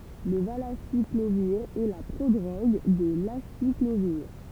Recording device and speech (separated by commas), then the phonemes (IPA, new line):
temple vibration pickup, read sentence
lə valasikloviʁ ɛ la pʁodʁoɡ də lasikloviʁ